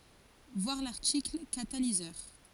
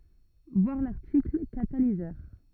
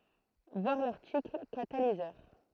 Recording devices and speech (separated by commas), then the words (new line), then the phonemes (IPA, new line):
forehead accelerometer, rigid in-ear microphone, throat microphone, read sentence
Voir l'article Catalyseur.
vwaʁ laʁtikl katalizœʁ